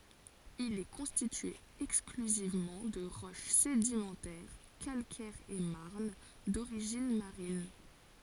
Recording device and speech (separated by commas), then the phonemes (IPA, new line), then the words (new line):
forehead accelerometer, read sentence
il ɛ kɔ̃stitye ɛksklyzivmɑ̃ də ʁɔʃ sedimɑ̃tɛʁ kalkɛʁz e maʁn doʁiʒin maʁin
Il est constitué exclusivement de roche sédimentaire, calcaires et marnes, d’origines marines.